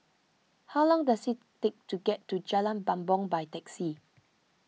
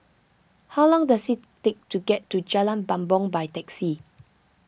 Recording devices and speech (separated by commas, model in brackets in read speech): mobile phone (iPhone 6), boundary microphone (BM630), read sentence